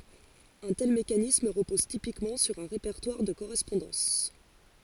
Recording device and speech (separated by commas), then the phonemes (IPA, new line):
forehead accelerometer, read sentence
œ̃ tɛl mekanism ʁəpɔz tipikmɑ̃ syʁ œ̃ ʁepɛʁtwaʁ də koʁɛspɔ̃dɑ̃s